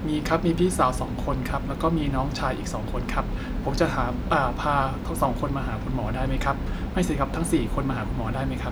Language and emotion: Thai, neutral